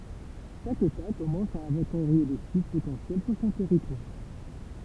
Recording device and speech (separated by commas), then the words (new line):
temple vibration pickup, read sentence
Chaque État commence à inventorier les sites potentiels sur son territoire.